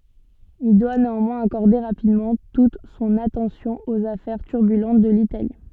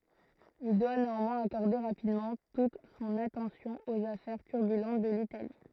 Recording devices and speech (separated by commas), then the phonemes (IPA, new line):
soft in-ear microphone, throat microphone, read sentence
il dwa neɑ̃mwɛ̃z akɔʁde ʁapidmɑ̃ tut sɔ̃n atɑ̃sjɔ̃ oz afɛʁ tyʁbylɑ̃t də litali